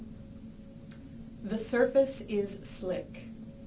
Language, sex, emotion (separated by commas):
English, female, neutral